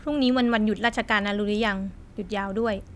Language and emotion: Thai, neutral